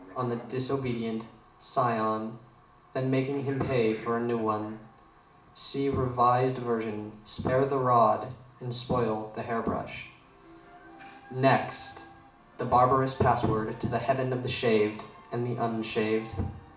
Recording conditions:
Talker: one person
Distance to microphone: 2.0 m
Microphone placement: close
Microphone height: 99 cm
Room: medium-sized (5.7 m by 4.0 m)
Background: television

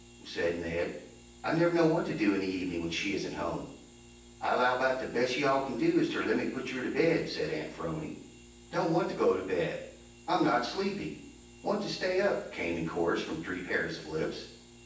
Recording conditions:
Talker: one person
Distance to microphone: 9.8 m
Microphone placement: far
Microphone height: 1.8 m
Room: large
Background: none

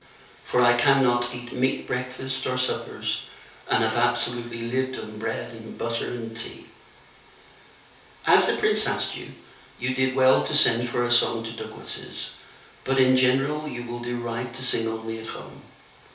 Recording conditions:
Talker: one person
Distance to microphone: 3.0 m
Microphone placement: far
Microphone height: 1.8 m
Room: small (3.7 m by 2.7 m)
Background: none

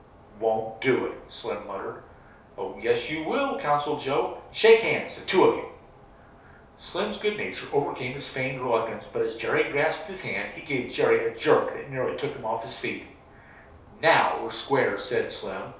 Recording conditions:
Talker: one person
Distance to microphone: 3.0 m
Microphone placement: far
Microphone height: 1.8 m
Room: small (3.7 m by 2.7 m)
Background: none

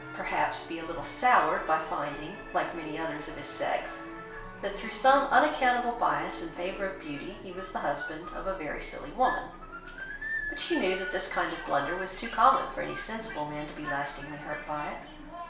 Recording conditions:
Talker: one person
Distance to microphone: 1.0 m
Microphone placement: close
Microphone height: 1.1 m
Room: small (3.7 m by 2.7 m)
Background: television

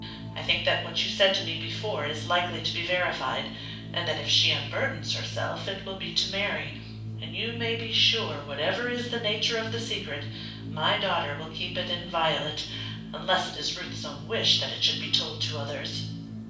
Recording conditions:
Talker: one person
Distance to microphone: 5.8 m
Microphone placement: far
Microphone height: 1.8 m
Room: medium-sized (5.7 m by 4.0 m)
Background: music

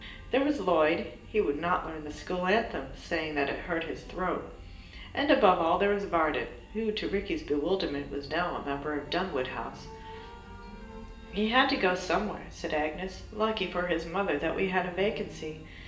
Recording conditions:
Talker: one person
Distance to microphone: 1.8 m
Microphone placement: close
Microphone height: 1.0 m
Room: large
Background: music

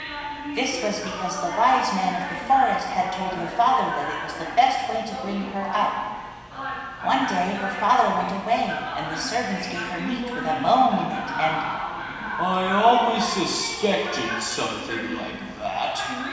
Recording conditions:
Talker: one person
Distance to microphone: 1.7 m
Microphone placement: close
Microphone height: 1.0 m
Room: very reverberant, large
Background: television

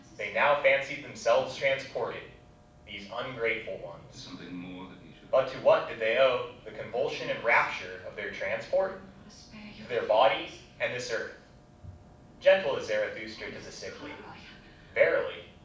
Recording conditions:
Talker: one person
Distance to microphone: 5.8 m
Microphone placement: far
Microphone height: 1.8 m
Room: medium-sized (5.7 m by 4.0 m)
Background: television

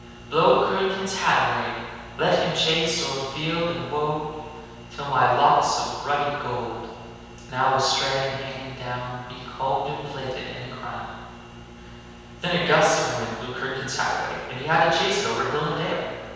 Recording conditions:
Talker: one person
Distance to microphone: 7.1 m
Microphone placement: far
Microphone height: 1.7 m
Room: very reverberant, large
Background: none

